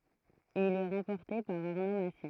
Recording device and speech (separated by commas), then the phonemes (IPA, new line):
throat microphone, read sentence
il ɛ ʁɑ̃pɔʁte paʁ aʁno masi